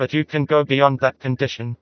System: TTS, vocoder